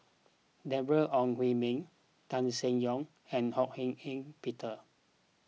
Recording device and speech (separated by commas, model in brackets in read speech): mobile phone (iPhone 6), read sentence